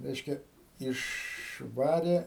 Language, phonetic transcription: Lithuanian, ˈreiškia išˈvarė

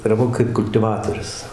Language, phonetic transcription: Lithuanian, ar ˈva kaip kultiˈvatorius

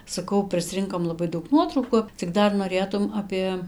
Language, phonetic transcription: Lithuanian, saˈkau prisˈrinkom laˈbai ˈdaug ˈnuotrauku cik ˈdar noˈrėtum ˈapė

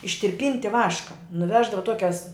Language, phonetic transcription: Lithuanian, ištirˈpynti ˈvaška nuˈveždava ˈtuokias

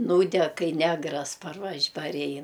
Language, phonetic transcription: Lithuanian, ˈnūdeg ˈkai ˈnegras parˈvaž parˈein

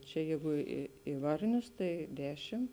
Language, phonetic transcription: Lithuanian, čia ˈjeigu i i ˈvarnius tai ˈdešim

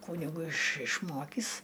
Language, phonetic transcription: Lithuanian, ˈkūnigu iš išˈmokįs

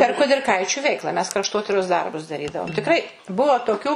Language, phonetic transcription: Lithuanian, per kudirˈkaičiu ˈveikla mes krašˈtotiros ˈdarbus daˈrydavom tikˈrai ˈbuo toˈkių

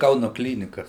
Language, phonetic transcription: Lithuanian, ˈkaunu ˈklynikas

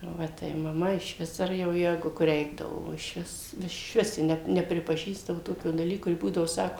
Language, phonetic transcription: Lithuanian, ˈva tai maˈma išˈvis ˈar jau ˈjegu kur ˈreikdavo o išˈvis išˈvis ˈji ˈne nepripaˈžįsdavo ˈtokio daˈlyko ˈji ˈbūdavo ˈsako

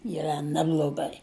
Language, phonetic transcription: Lithuanian, yˈra ˈnebloˈgai

